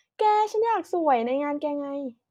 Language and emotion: Thai, happy